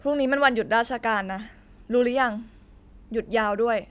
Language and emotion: Thai, frustrated